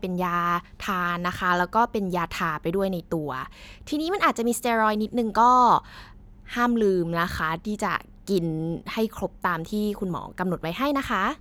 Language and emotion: Thai, neutral